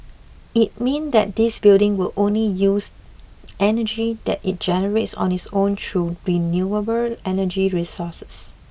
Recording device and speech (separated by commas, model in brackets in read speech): boundary microphone (BM630), read sentence